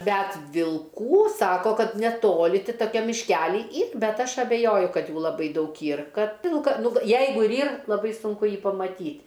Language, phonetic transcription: Lithuanian, ˈbæt vilˈkų ˈsako ˈkad neˈtoli ˈti toˈkiam mišˈkely ˈyr ˈbet ˈaš abeˈjoju ˈkad ˈjų laˈbai ˈdaug ˈyr ˈkad ˈvilka ˈnu v ˈjeigu ir ˈyr laˈbai sunˈku ˈjį pamaˈtyt'

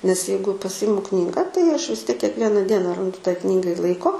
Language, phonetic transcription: Lithuanian, nes ˈjeigu paˈsimu ˈknyga tai aš vis tiek kiekˈviena ˈdiena ˈrandu tai ˈknygai ˈlaiko

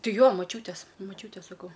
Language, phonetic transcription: Lithuanian, ˈtai ˈjo maˈčiūtės maˈčiūtės saˈkau

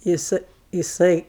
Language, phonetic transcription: Lithuanian, jiˈsɜ jiˈsai

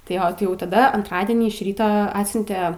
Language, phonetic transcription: Lithuanian, tai ˈjo tai jau taˈda antˈradienį iš ˈryto ˈatsiunte

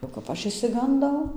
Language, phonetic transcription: Lithuanian, o kap ˈaš išsiganˈdau

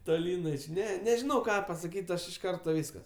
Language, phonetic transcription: Lithuanian, toˈlyn aš ˈne nežiˈnau ˈką pasaˈkyt' ˈaš iš ˈkarto ˈvyskas

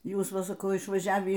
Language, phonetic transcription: Lithuanian, ˈjūs ˈva saˈkau išvaˈžiavį

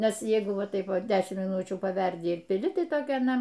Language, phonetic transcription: Lithuanian, ˈnes ˈjeigu ˈva ˈtaip ˈva ˈdešimt miˈnučių paˈverdi ir piˈli ˈtai ˈtokia aˈna

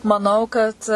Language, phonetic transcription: Lithuanian, maˈnau kad

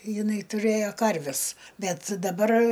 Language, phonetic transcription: Lithuanian, jiˈnai tuˈrɘjo ˈkarves ˈbet daˈbar

